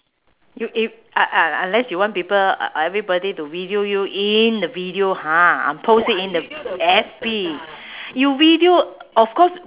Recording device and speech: telephone, conversation in separate rooms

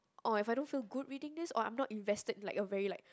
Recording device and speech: close-talking microphone, conversation in the same room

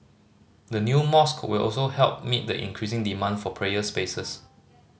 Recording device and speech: mobile phone (Samsung C5010), read sentence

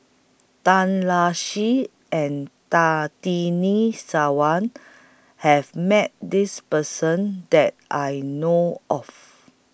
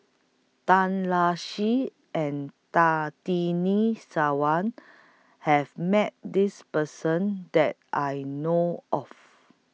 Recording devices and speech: boundary microphone (BM630), mobile phone (iPhone 6), read sentence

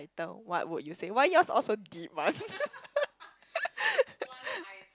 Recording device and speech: close-talking microphone, conversation in the same room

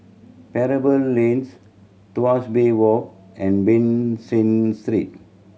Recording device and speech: mobile phone (Samsung C7100), read sentence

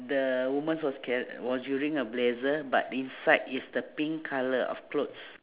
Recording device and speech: telephone, conversation in separate rooms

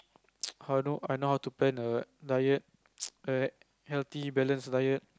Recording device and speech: close-talking microphone, conversation in the same room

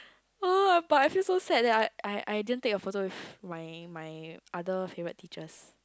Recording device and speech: close-talking microphone, conversation in the same room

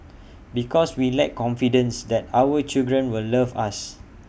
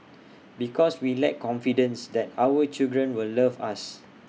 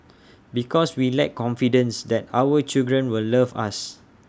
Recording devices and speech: boundary microphone (BM630), mobile phone (iPhone 6), standing microphone (AKG C214), read sentence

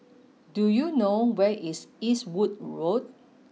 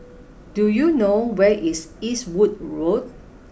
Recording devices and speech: mobile phone (iPhone 6), boundary microphone (BM630), read sentence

